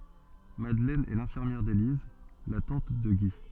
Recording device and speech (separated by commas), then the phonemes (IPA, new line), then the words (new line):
soft in-ear microphone, read sentence
madlɛn ɛ lɛ̃fiʁmjɛʁ deliz la tɑ̃t də ɡi
Madeleine est l'infirmière d’Élise, la tante de Guy.